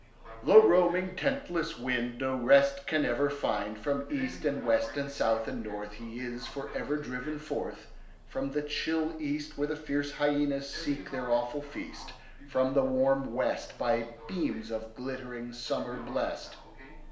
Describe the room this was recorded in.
A small space (about 3.7 m by 2.7 m).